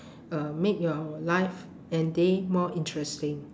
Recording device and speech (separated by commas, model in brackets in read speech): standing microphone, conversation in separate rooms